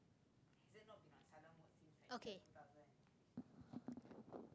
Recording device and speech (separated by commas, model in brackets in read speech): close-talking microphone, conversation in the same room